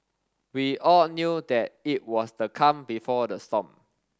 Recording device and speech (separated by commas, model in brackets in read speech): standing microphone (AKG C214), read sentence